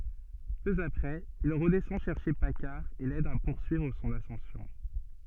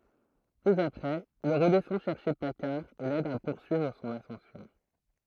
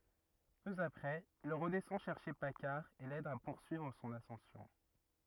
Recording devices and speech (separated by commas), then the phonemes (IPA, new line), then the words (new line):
soft in-ear microphone, throat microphone, rigid in-ear microphone, read sentence
pø apʁɛz il ʁədɛsɑ̃ ʃɛʁʃe pakaʁ e lɛd a puʁsyivʁ sɔ̃n asɑ̃sjɔ̃
Peu après, il redescend chercher Paccard et l’aide à poursuivre son ascension.